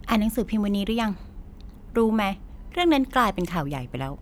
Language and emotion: Thai, frustrated